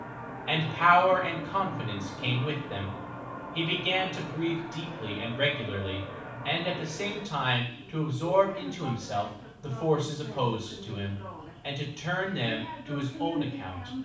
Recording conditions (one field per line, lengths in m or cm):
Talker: one person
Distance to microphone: 5.8 m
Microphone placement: far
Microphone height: 1.8 m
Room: medium-sized (5.7 m by 4.0 m)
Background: television